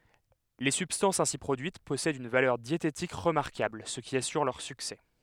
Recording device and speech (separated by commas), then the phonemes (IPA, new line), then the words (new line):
headset microphone, read sentence
le sybstɑ̃sz ɛ̃si pʁodyit pɔsɛdt yn valœʁ djetetik ʁəmaʁkabl sə ki asyʁ lœʁ syksɛ
Les substances ainsi produites possèdent une valeur diététique remarquable, ce qui assure leur succès.